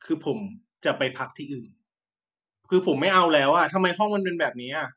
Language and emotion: Thai, frustrated